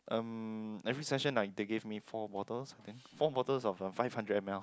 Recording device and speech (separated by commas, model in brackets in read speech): close-talking microphone, conversation in the same room